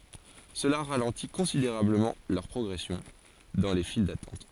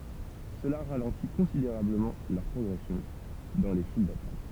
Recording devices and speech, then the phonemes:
forehead accelerometer, temple vibration pickup, read sentence
səla ʁalɑ̃ti kɔ̃sideʁabləmɑ̃ lœʁ pʁɔɡʁɛsjɔ̃ dɑ̃ le fil datɑ̃t

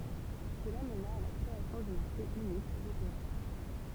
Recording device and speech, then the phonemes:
temple vibration pickup, read sentence
səla məna a la kʁeasjɔ̃ dy maʁʃe ynik øʁopeɛ̃

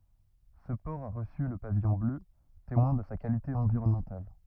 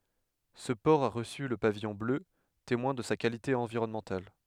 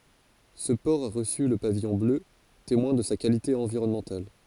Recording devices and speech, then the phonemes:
rigid in-ear microphone, headset microphone, forehead accelerometer, read sentence
sə pɔʁ a ʁəsy lə pavijɔ̃ blø temwɛ̃ də sa kalite ɑ̃viʁɔnmɑ̃tal

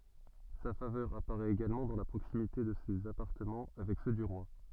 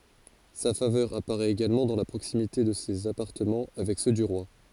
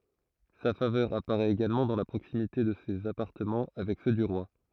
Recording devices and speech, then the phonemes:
soft in-ear microphone, forehead accelerometer, throat microphone, read sentence
sa favœʁ apaʁɛt eɡalmɑ̃ dɑ̃ la pʁoksimite də sez apaʁtəmɑ̃ avɛk sø dy ʁwa

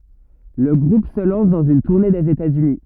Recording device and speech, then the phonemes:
rigid in-ear microphone, read sentence
lə ɡʁup sə lɑ̃s dɑ̃z yn tuʁne dez etatsyni

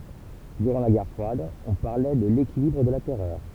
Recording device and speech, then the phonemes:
temple vibration pickup, read sentence
dyʁɑ̃ la ɡɛʁ fʁwad ɔ̃ paʁlɛ də lekilibʁ də la tɛʁœʁ

